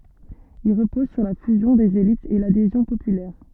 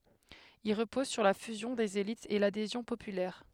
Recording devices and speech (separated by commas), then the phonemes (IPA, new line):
soft in-ear microphone, headset microphone, read sentence
il ʁəpɔz syʁ la fyzjɔ̃ dez elitz e ladezjɔ̃ popylɛʁ